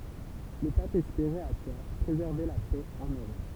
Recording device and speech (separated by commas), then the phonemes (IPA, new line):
temple vibration pickup, read sentence
lə pap ɛspeʁɛt a tɔʁ pʁezɛʁve la pɛ ɑ̃n øʁɔp